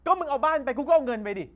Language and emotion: Thai, angry